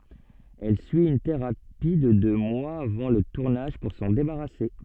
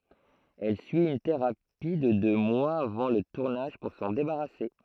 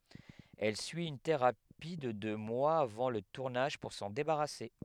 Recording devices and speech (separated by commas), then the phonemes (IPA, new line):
soft in-ear microphone, throat microphone, headset microphone, read sentence
ɛl syi yn teʁapi də dø mwaz avɑ̃ lə tuʁnaʒ puʁ sɑ̃ debaʁase